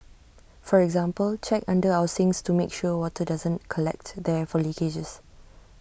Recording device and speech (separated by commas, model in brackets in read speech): boundary microphone (BM630), read sentence